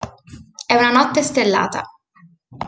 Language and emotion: Italian, neutral